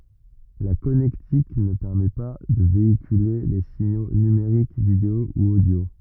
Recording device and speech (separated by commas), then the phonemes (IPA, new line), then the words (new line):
rigid in-ear microphone, read sentence
la kɔnɛktik nə pɛʁmɛ pa də veikyle le siɲo nymeʁik video u odjo
La connectique ne permet pas de véhiculer les signaux numériques vidéo ou audio.